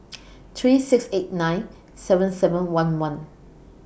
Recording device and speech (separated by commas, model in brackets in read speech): boundary microphone (BM630), read sentence